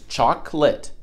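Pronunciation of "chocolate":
'Chocolate' is said with two syllables, not three.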